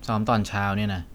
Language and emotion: Thai, frustrated